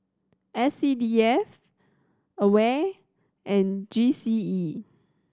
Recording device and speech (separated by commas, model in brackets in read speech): standing microphone (AKG C214), read sentence